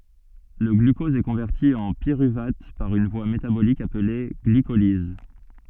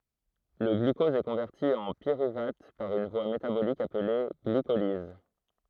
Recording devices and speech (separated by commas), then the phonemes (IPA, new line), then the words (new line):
soft in-ear microphone, throat microphone, read sentence
lə ɡlykɔz ɛ kɔ̃vɛʁti ɑ̃ piʁyvat paʁ yn vwa metabolik aple ɡlikoliz
Le glucose est converti en pyruvate par une voie métabolique appelée glycolyse.